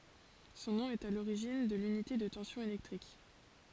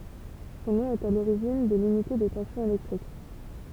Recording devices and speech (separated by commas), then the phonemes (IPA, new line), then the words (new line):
forehead accelerometer, temple vibration pickup, read sentence
sɔ̃ nɔ̃ ɛt a loʁiʒin də lynite də tɑ̃sjɔ̃ elɛktʁik
Son nom est à l'origine de l'unité de tension électrique.